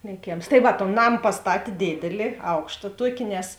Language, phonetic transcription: Lithuanian, lėˈkėms tai ˈva ton ˈnam pasˈtatė ˈdėdėli ˈaukšta ˈtuoki nes

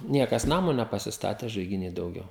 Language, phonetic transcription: Lithuanian, ˈniekas ˈnamo nepasisˈtatė žaigiˈny dauˈgiau

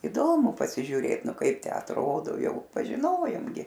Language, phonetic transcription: Lithuanian, iˈdomu pasižiūˈrėt ˈnu ˈkaip tę atˈrodo ˈjau pažiˈnojom gi

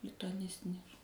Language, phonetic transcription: Lithuanian, lituaˈnistines

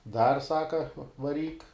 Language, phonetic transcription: Lithuanian, dar ˈsaka vaˈryk

